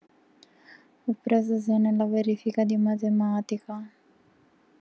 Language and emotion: Italian, sad